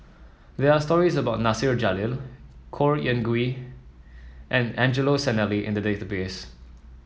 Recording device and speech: mobile phone (iPhone 7), read sentence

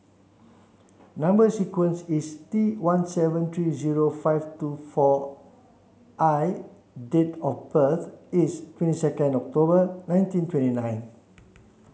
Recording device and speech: mobile phone (Samsung C7), read sentence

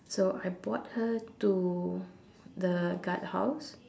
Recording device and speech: standing microphone, conversation in separate rooms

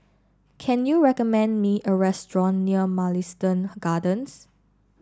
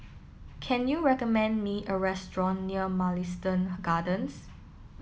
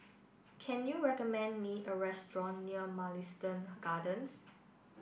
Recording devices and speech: standing microphone (AKG C214), mobile phone (iPhone 7), boundary microphone (BM630), read sentence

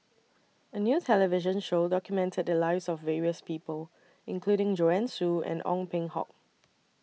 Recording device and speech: mobile phone (iPhone 6), read sentence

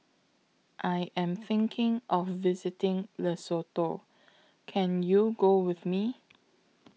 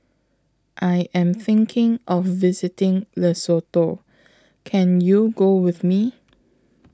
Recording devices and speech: mobile phone (iPhone 6), close-talking microphone (WH20), read sentence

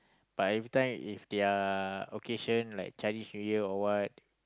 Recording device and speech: close-talking microphone, conversation in the same room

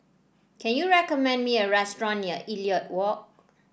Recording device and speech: boundary microphone (BM630), read sentence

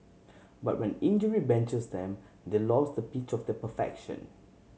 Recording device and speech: mobile phone (Samsung C7100), read sentence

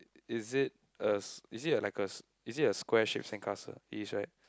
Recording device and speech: close-talking microphone, conversation in the same room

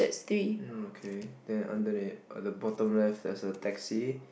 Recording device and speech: boundary microphone, conversation in the same room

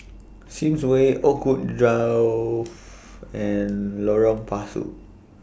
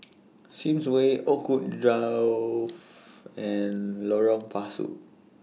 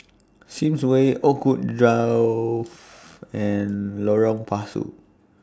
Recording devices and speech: boundary microphone (BM630), mobile phone (iPhone 6), standing microphone (AKG C214), read sentence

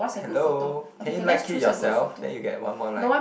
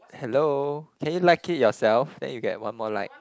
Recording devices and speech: boundary microphone, close-talking microphone, conversation in the same room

